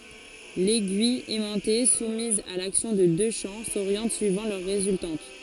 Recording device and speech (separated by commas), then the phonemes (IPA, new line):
forehead accelerometer, read sentence
lɛɡyij ɛmɑ̃te sumiz a laksjɔ̃ də dø ʃɑ̃ soʁjɑ̃t syivɑ̃ lœʁ ʁezyltɑ̃t